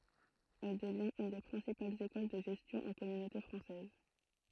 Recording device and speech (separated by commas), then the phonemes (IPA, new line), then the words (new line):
throat microphone, read sentence
ɛl dəvjɛ̃t yn de pʁɛ̃sipalz ekɔl də ʒɛstjɔ̃ ɑ̃ kɔmynote fʁɑ̃sɛz
Elle devient une des principales école de gestion en Communauté française.